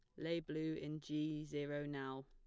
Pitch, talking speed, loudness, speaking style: 150 Hz, 175 wpm, -44 LUFS, plain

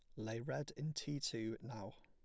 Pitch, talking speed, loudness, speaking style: 115 Hz, 200 wpm, -45 LUFS, plain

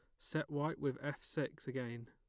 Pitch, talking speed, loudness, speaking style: 145 Hz, 190 wpm, -42 LUFS, plain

